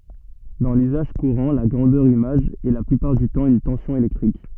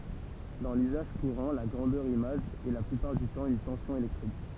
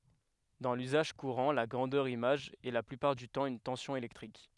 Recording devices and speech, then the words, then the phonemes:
soft in-ear microphone, temple vibration pickup, headset microphone, read sentence
Dans l'usage courant, la grandeur image est la plupart du temps une tension électrique.
dɑ̃ lyzaʒ kuʁɑ̃ la ɡʁɑ̃dœʁ imaʒ ɛ la plypaʁ dy tɑ̃ yn tɑ̃sjɔ̃ elɛktʁik

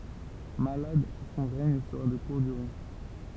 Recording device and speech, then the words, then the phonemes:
temple vibration pickup, read sentence
Malade, son règne sera de courte durée.
malad sɔ̃ ʁɛɲ səʁa də kuʁt dyʁe

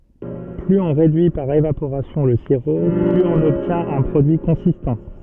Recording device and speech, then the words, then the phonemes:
soft in-ear microphone, read sentence
Plus on réduit par évaporation le sirop, plus on obtient un produit consistant.
plyz ɔ̃ ʁedyi paʁ evapoʁasjɔ̃ lə siʁo plyz ɔ̃n ɔbtjɛ̃t œ̃ pʁodyi kɔ̃sistɑ̃

